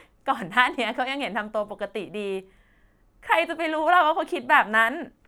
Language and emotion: Thai, happy